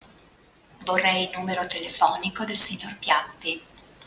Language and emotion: Italian, neutral